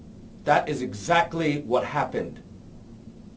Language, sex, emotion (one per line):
English
male
angry